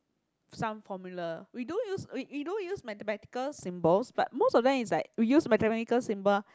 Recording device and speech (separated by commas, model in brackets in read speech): close-talking microphone, conversation in the same room